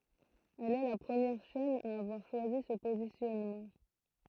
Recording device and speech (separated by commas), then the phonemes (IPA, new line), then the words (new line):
throat microphone, read sentence
ɛl ɛ la pʁəmjɛʁ ʃɛn a avwaʁ ʃwazi sə pozisjɔnmɑ̃
Elle est la première chaîne à avoir choisi ce positionnement.